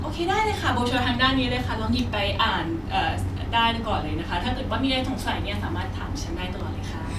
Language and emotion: Thai, happy